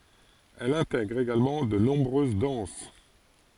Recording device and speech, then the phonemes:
forehead accelerometer, read sentence
ɛl ɛ̃tɛɡʁ eɡalmɑ̃ də nɔ̃bʁøz dɑ̃s

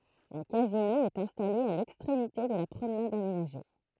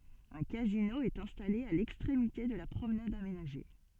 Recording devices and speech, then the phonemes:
throat microphone, soft in-ear microphone, read sentence
œ̃ kazino ɛt ɛ̃stale a lɛkstʁemite də la pʁomnad amenaʒe

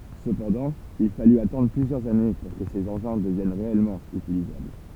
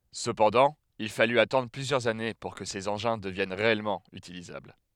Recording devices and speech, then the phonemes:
temple vibration pickup, headset microphone, read sentence
səpɑ̃dɑ̃ il faly atɑ̃dʁ plyzjœʁz ane puʁ kə sez ɑ̃ʒɛ̃ dəvjɛn ʁeɛlmɑ̃ ytilizabl

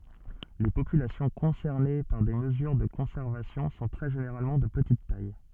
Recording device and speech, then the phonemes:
soft in-ear microphone, read sentence
le popylasjɔ̃ kɔ̃sɛʁne paʁ de məzyʁ də kɔ̃sɛʁvasjɔ̃ sɔ̃ tʁɛ ʒeneʁalmɑ̃ də pətit taj

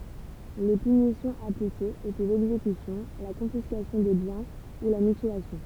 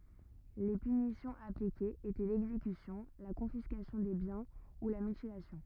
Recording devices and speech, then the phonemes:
temple vibration pickup, rigid in-ear microphone, read sentence
le pynisjɔ̃z aplikez etɛ lɛɡzekysjɔ̃ la kɔ̃fiskasjɔ̃ de bjɛ̃ u la mytilasjɔ̃

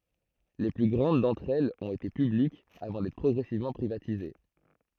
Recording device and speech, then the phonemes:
throat microphone, read sentence
le ply ɡʁɑ̃d dɑ̃tʁ ɛlz ɔ̃t ete pyblikz avɑ̃ dɛtʁ pʁɔɡʁɛsivmɑ̃ pʁivatize

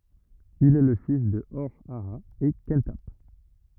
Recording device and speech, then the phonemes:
rigid in-ear microphone, read sentence
il ɛ lə fis də ɔʁ aa e kɑ̃tap

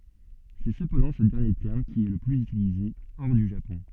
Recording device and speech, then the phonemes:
soft in-ear microphone, read sentence
sɛ səpɑ̃dɑ̃ sə dɛʁnje tɛʁm ki ɛ lə plyz ytilize ɔʁ dy ʒapɔ̃

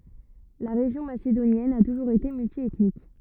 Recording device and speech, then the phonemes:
rigid in-ear microphone, read sentence
la ʁeʒjɔ̃ masedonjɛn a tuʒuʁz ete myltjɛtnik

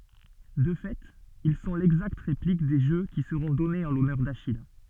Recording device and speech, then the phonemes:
soft in-ear microphone, read sentence
də fɛt il sɔ̃ lɛɡzakt ʁeplik de ʒø ki səʁɔ̃ dɔnez ɑ̃ lɔnœʁ daʃij

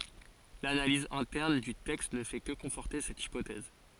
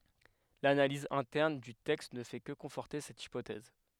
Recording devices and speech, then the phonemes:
forehead accelerometer, headset microphone, read sentence
lanaliz ɛ̃tɛʁn dy tɛkst nə fɛ kə kɔ̃fɔʁte sɛt ipotɛz

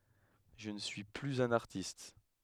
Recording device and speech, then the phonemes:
headset microphone, read sentence
ʒə nə syi plyz œ̃n aʁtist

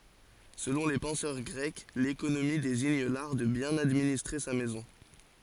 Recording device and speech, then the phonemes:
forehead accelerometer, read sentence
səlɔ̃ le pɑ̃sœʁ ɡʁɛk lekonomi deziɲ laʁ də bjɛ̃n administʁe sa mɛzɔ̃

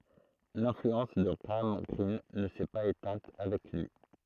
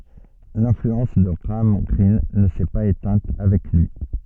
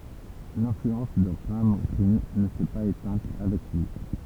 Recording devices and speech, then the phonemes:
throat microphone, soft in-ear microphone, temple vibration pickup, read sentence
lɛ̃flyɑ̃s də ɡʁaam ɡʁin nə sɛ paz etɛ̃t avɛk lyi

